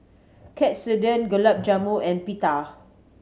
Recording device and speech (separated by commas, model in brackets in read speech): mobile phone (Samsung C7100), read sentence